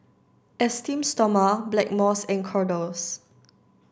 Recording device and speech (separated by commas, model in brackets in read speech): standing microphone (AKG C214), read sentence